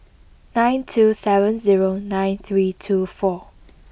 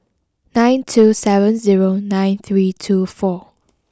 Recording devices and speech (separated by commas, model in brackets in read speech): boundary microphone (BM630), close-talking microphone (WH20), read sentence